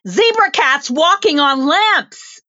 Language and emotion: English, fearful